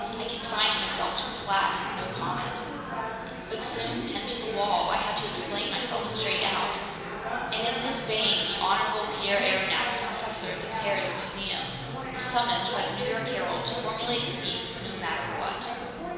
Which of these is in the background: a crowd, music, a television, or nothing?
Crowd babble.